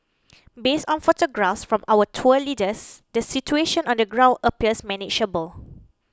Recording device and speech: close-talking microphone (WH20), read sentence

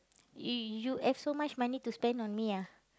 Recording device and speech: close-talking microphone, conversation in the same room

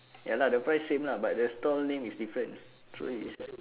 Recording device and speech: telephone, conversation in separate rooms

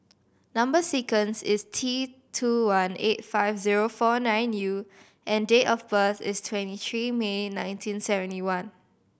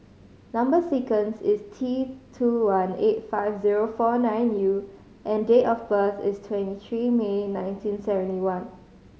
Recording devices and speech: boundary microphone (BM630), mobile phone (Samsung C5010), read sentence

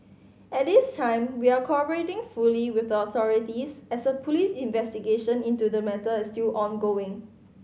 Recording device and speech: mobile phone (Samsung C5010), read sentence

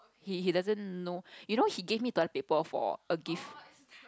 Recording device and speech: close-talking microphone, conversation in the same room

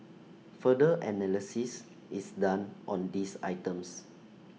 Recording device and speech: mobile phone (iPhone 6), read sentence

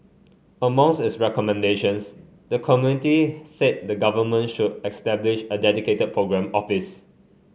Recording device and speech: mobile phone (Samsung C5), read sentence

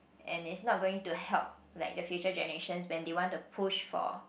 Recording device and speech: boundary microphone, conversation in the same room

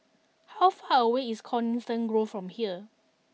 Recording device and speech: mobile phone (iPhone 6), read sentence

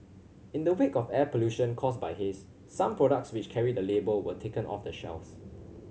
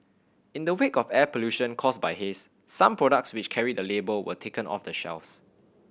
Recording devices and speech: mobile phone (Samsung C7100), boundary microphone (BM630), read sentence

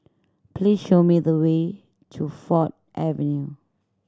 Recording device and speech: standing microphone (AKG C214), read sentence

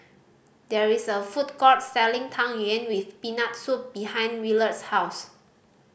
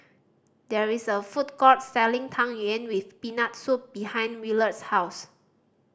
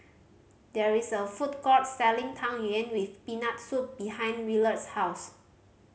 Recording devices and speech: boundary microphone (BM630), standing microphone (AKG C214), mobile phone (Samsung C5010), read sentence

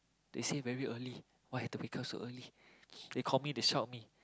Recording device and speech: close-talking microphone, conversation in the same room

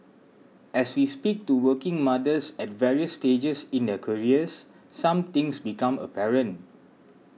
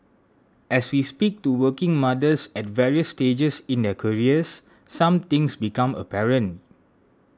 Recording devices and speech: mobile phone (iPhone 6), standing microphone (AKG C214), read sentence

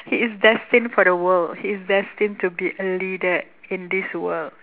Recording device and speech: telephone, conversation in separate rooms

